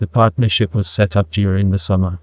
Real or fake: fake